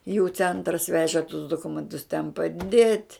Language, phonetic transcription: Lithuanian, jų ˈcentras ˈveži tus duˈkumentus ten paˈdėt'

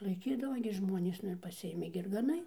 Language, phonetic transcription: Lithuanian, laiˈkydava gi ˈžmuonės ˈnu ir paˈsiėmei ir gaˈnai

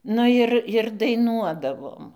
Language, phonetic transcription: Lithuanian, ˈnu jir jir daiˈnuodavom

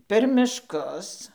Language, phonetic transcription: Lithuanian, per mišˈkus

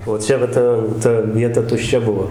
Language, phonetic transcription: Lithuanian, o ˈčia va ˈta ˈta ˈvieta tušˈčia ˈbuvo

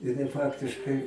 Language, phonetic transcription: Lithuanian, jiˈnai ˈfaktiškai

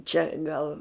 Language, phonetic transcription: Lithuanian, ˈčia ˈgal

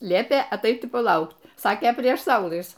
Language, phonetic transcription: Lithuanian, ˈliepė aˈtait i paˈlaukt ˈsakė prieš ˈsaulɨs

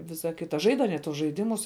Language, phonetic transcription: Lithuanian, ˈvisa ˈkita ˈžaid aˈnie tuos žaiˈdimus

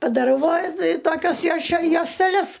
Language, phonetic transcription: Lithuanian, padaˈrau va ti ˈtokias joše josteˈles

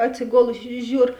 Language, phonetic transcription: Lithuanian, atsiˈgolusi ˈžiūr

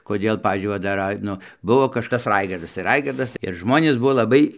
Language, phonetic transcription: Lithuanian, koˈdėl ˈpavyzdžiui ˈva dar ˈrai ˈnu ˈbuvo kažˈkas ˈraigardas ir ˈraigardas ir ˈžmonės ˈbuvo laˈbai

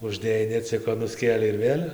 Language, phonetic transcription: Lithuanian, užˈdėjai neˈciko nuˈskėlei ir ˈvėl'

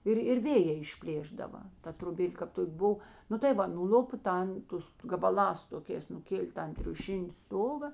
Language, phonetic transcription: Lithuanian, ˈir ir ˈvėjė išˈplėšdava ˈta troˈbėl' kap ˈtok' ˈbuv ˈnu tai ˈva nuˈl'upo ˈtan ˈtus gabaˈlās toˈkės nuˈkėlė ˈtan triuˈšini ˈstoga

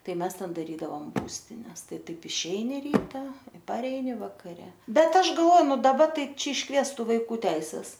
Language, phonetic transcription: Lithuanian, ˈtai ˈmes ˈten daˈrydavom ˈbūstines ˈtai ˈtaip išˈeini ˈryta i paˈreini vakaˈre ˈbet ˈaš galˈvo ˈnu daˈba ˈtai ˈčia išˈkviestu vaiˈkų ˈteises

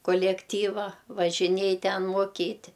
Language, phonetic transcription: Lithuanian, kolekˈtyva važiˈniej ˈten moˈkyti

